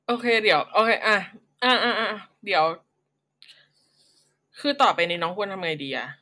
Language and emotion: Thai, frustrated